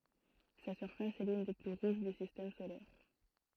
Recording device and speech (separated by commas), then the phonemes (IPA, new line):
throat microphone, read sentence
sa syʁfas ɛ lyn de ply ʁuʒ dy sistɛm solɛʁ